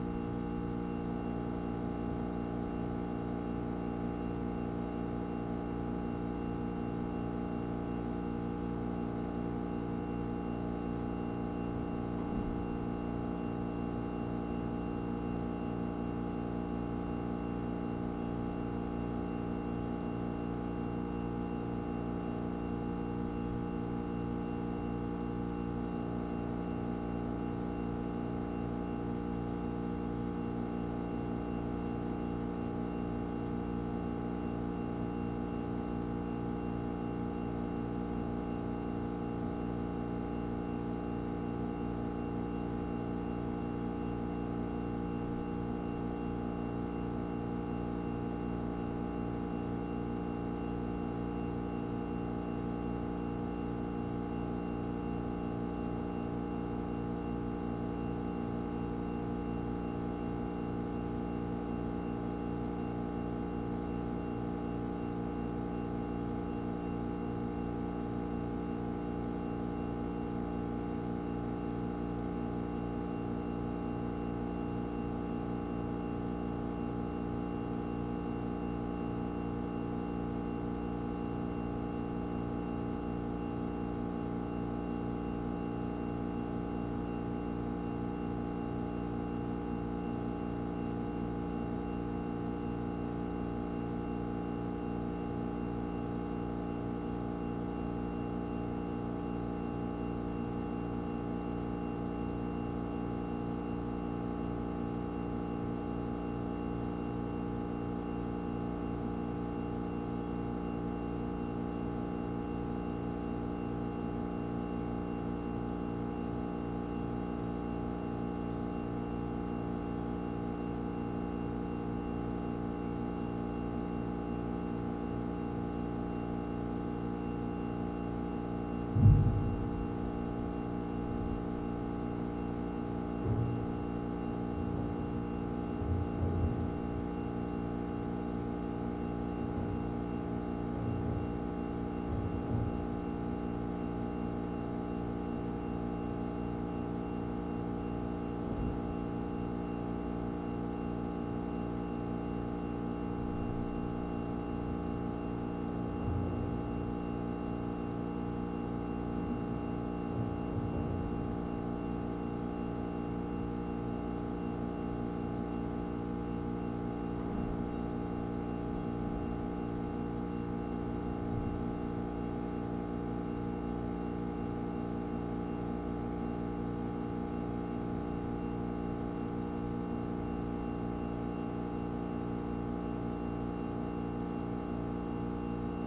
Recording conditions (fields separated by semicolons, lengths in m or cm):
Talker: no one; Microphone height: 25 cm; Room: very reverberant, large; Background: none